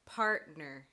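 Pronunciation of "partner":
In 'partner', the T is not a fully aspirated T. A glottal stop replaces it.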